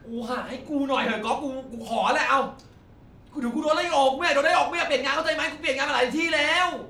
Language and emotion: Thai, angry